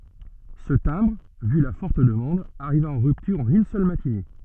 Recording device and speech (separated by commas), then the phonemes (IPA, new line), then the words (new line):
soft in-ear microphone, read sentence
sə tɛ̃bʁ vy la fɔʁt dəmɑ̃d aʁiva ɑ̃ ʁyptyʁ ɑ̃n yn sœl matine
Ce timbre, vu la forte demande, arriva en rupture en une seule matinée.